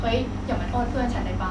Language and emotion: Thai, angry